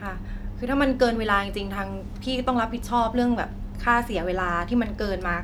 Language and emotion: Thai, frustrated